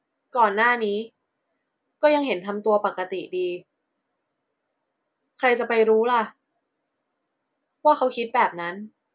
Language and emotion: Thai, frustrated